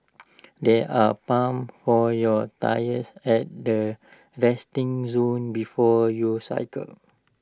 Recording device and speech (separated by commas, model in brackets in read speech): standing microphone (AKG C214), read sentence